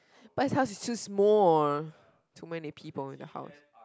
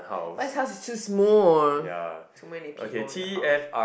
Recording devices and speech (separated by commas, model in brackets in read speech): close-talking microphone, boundary microphone, conversation in the same room